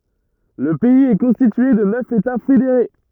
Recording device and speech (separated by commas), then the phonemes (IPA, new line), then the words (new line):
rigid in-ear microphone, read sentence
lə pɛiz ɛ kɔ̃stitye də nœf eta fedeʁe
Le pays est constitué de neuf États fédérés.